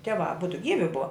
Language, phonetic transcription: Lithuanian, ˈtieˌvā aˈbudu ˈgyvi ˈbuva

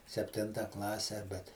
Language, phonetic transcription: Lithuanian, sepˈtinta ˈklase bet

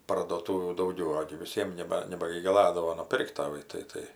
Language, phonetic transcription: Lithuanian, parduoˈtūvių dauˈgiau ˈogi viˈsiem ˈneba nebagigaˈladavo nuˈpirkt taˈvai tai ˈtai

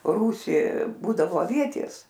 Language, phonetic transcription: Lithuanian, ˈrūsį ˈbūdavo aˈvietės

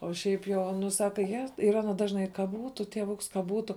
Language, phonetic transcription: Lithuanian, o ˈšiaip ˈjo ˈnu ˈsaka je yˈra nu ˈdažnai ka ˈbūtu tieˈvuks ka ˈbūtu

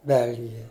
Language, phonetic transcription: Lithuanian, ˈbelgija

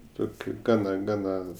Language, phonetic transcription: Lithuanian, ˈtokiu ˈgana ˈgana

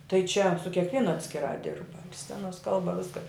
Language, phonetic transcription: Lithuanian, tai čia su kekˈvienu atskiˈrā ˈdirba ir ˈscenos ˈkalba ˈviska

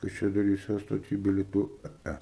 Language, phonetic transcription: Lithuanian, kaišiadoˈryse stoˈty bilieˈtų ˈa ˈa

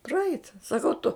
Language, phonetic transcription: Lithuanian, praˈeit saˈkau tu

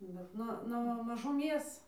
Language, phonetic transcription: Lithuanian, bet ˈnu nuo mažuˈmės

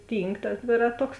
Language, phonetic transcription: Lithuanian, ˈtynk tas ˈdvėraˌtoks

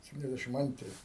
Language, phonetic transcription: Lithuanian, septiniasˈdæšim ˈantri

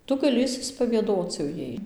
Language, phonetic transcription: Lithuanian, ˈtu gaˈli išsispavieˈdoc jau ˈjai

